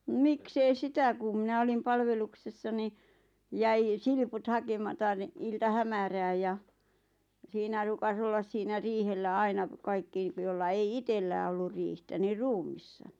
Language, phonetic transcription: Finnish, 'miks ‿ei "sitä kum 'mⁱnä olim "palveluksessa ni , 'jäi , "silput 'hakemata ni , 'ilta'hämärääj ja , 'siinä ruukas ‿ollas 'siinä "riihellä "aina , 'kaikki , jolla 'ei "itellää ollur 'riihtä nii "ruum̆missa .
- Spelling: miksi ei sitä kun minä olin palveluksessa niin jäi silput hakematta niin iltahämärään ja siinä ruukasi olla siinä riihellä aina kaikki jolla ei itsellään ollut riihtä niin ruumiina

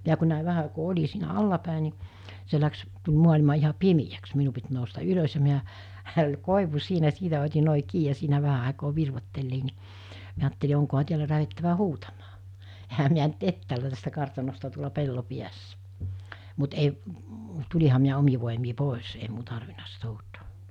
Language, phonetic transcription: Finnish, miä ku nä̀i 'vähä àikoo 'oĺi siinä "allapä̀e nì , se läks , tuĺ 'muaĺima iha "pimijäks 'minu pit nousta 'ylos ja miä , -hä ol 'kòivu 'siinä 'siitä ot̜i nòi 'kii ja 'siinä 'vähä àekoo 'virvottellii ni , miä aatteli oŋkoha 'tiälä lähettävä "huutamaa , ehä miä nyt 'ettäälä tästä 'kartanosta tuola 'pello 'piässᴀ̈ , mut 'ei , 'tuĺiha miä 'omi vòemii 'pòes ei m(i)u 'tarvina sit 'huutoo .
- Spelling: minä kun näin vähän aikaa olin siinä alaspäin niin se lähti tuli maailma ihan pimeäksi minun piti nousta ylös ja - minähän oli koivu siinä siitä otin noin kiinni ja siinä vähän aikaa virvoittelin niin minä ajattelin onkohan täällä lähdettävä huutamaan enhän minä nyt etäällä tästä kartanosta tuolla pellon päässä mutta ei tulinhan minä omin voimin pois ei minun tarvinnut sitten huutaa

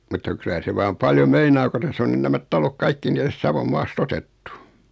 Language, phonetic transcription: Finnish, mutta 'kylä se 'vaam "paljo 'meinaa ko 'täss ‿on nyn 'nämät 'talok "kaikki ni 'täst 'Savom 'maas"t ‿otettu .
- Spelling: mutta kyllä se vaan paljon meinaa kun tässä on nyt nämä talot kaikki niin tästä Savon maasta otettu

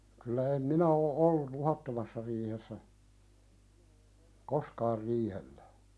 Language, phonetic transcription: Finnish, kylä em minä oo '’olluˡ "luhattomassa riihessä , "koskaar 'riihellä .
- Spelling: kyllä en minä ole ollut luhdattomassa riihessä koskaan riihellä

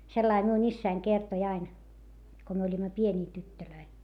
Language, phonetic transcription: Finnish, sellai miun ‿issäin kertoⁱ ain , ko myö oĺima pieńii tyttölöi .
- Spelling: sellainen minun isäni kertoi aina kun me olimme pieniä tyttöjä

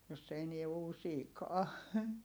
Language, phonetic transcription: Finnish, jos se enie uusiikaa .
- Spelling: jos se enää uusiikaan

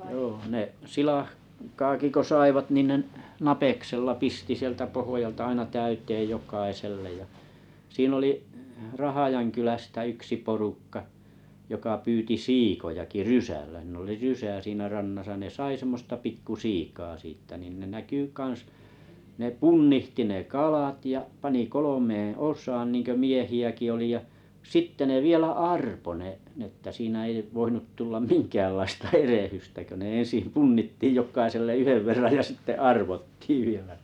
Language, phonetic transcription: Finnish, joo ne "silah- -'kaaki ko 'saivat nin 'nen’ , 'napeksella "pisti sieltä pohojalta aina 'täyt̀eej 'jok̀aisellej ja , 'sii'n ‿oli’ , "Rahajaŋkylästä 'yksi 'porukka , joka pyyti "siikojaki "rysällä (s)iin ‿oli rysä siinä 'rannasa ne 'sai semmosta 'pikku"siikaa 'siittä nìn ne 'näkỳ 'kan̬s , 'ne "punnihti ne "kalàt ja 'pani "kolomeeḛ "os̀aan 'niiŋkö "miehi₍äki oli ja , "sitte ne vielä "arpo 'ne n ‿että 'siinä ei 'voinut 'tullam "miŋkäällaista "erehystä kö ne en̬sim punnittìj jok̆kaiselle 'yhev verraj ja sitte "arvottii vielä .
- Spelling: joo ne - silakkaakin kun saivat niin ne napeksella pisti sieltä pohjalta aina täyteen jokaiselle ja siinä oli Rahjankylästä yksi porukka joka pyysi siikojakin rysällä siinä oli rysä siinä rannassa ne sai semmoista pikkusiikaa siitä niin ne näkyi kanssa ne punnitsi ne kalat ja pani kolmeen osaan niin kuin miehiäkin oli ja sitten ne vielä arpoi ne ne että siinä ei voinut tulla minkäänlaista erehdystä kun ne ensin punnittiin jokaiselle yhden verran ja sitten arvottiin vielä

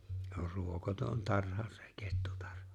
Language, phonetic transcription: Finnish, se ‿or 'ruokoton 'tarha se 'kettutᴀʀʜᴀ .
- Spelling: se on ruokoton tarha se kettutarha

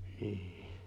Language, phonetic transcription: Finnish, ni̬i̬h .
- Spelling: niin

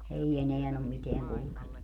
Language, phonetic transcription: Finnish, 'ei 'eneän ‿om 'miteäŋ kulᵘkennu .
- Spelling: ei enää ole mitään kulkenut

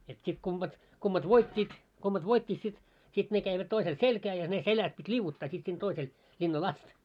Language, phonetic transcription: Finnish, et sit kumʙat , kummat 'voit́t́iit , kummat 'voit́t́it sit , sit ne käivät 'toisel "selkää ja ne 'seläs pit́ "liuvvuttaa sit sin toisel , 'ĺinna"l ‿ast .
- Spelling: että sitten kummat kummat voittivat kummat voittivat sitten sitten ne kävivät toisella selkään ja ne selässä piti liu'uttaa sitten sinne toiselle linnalle asti

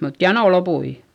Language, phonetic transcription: Finnish, mut janò lopui .
- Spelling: mutta jano loppui

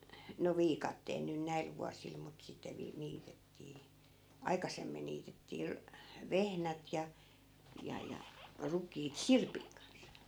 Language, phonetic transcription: Finnish, no 'viikatteel nyn 'näil vuasil mut 'sitte vii- , 'niitettii , "aikasemmin niitettii 'ru- , 'vehnät ja , 'ja 'ja , 'ruk̀iit "sirpiŋ kans .
- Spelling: no viikatteella nyt näillä vuosilla mutta sitten - niitettiin aikaisemmin niitettiin - vehnät ja ja ja rukiit sirpin kanssa

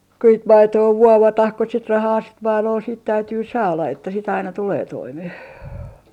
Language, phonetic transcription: Finnish, ku sit "maitoo "vuovatah ku sit 'rahaa sit 'mailol siit 'täytyy "saala että sit aina 'tulee 'toimeh .
- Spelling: kun sitten maitoa vuovataan kun sitten rahaa sitten maidolla siitä täytyy saada että sitten aina tulee toimeen

